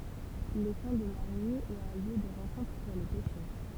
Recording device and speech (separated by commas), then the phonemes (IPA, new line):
temple vibration pickup, read sentence
letɑ̃ də maʁiɲi ɛt œ̃ ljø də ʁɑ̃kɔ̃tʁ puʁ le pɛʃœʁ